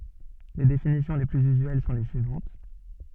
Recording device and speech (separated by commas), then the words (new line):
soft in-ear microphone, read sentence
Les définitions les plus usuelles sont les suivantes.